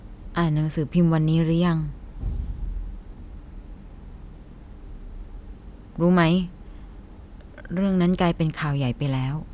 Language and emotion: Thai, sad